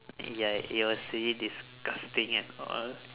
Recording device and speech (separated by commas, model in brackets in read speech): telephone, conversation in separate rooms